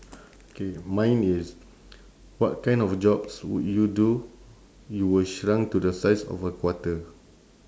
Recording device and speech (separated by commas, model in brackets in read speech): standing microphone, conversation in separate rooms